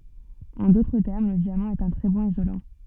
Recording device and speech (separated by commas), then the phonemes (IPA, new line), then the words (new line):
soft in-ear microphone, read sentence
ɑ̃ dotʁ tɛʁm lə djamɑ̃ ɛt œ̃ tʁɛ bɔ̃n izolɑ̃
En d'autres termes, le diamant est un très bon isolant.